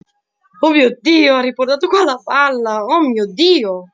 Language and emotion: Italian, surprised